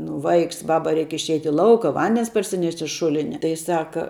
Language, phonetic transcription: Lithuanian, nu ˈvaiks ˈbaba ˈreik išˈeit' i ˈlauka ˈvandens parsiˈnešt' iš ˈšulinia tai ˈsaka

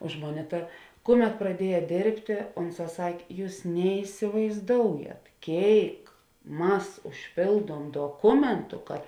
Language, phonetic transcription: Lithuanian, ˈuž moˌnė ˈta ˈkuˌmet praˈdieja ˈdėrbtė ˈunˌsā ˈsak' ˈjūs neisivaizˈdoujat ˈkėik ˈmas užˈpėlduom doˈkumentu kad

